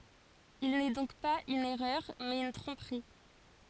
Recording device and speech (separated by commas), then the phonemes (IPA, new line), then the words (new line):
forehead accelerometer, read sentence
il nɛ dɔ̃k paz yn ɛʁœʁ mɛz yn tʁɔ̃pʁi
Il n’est donc pas une erreur, mais une tromperie.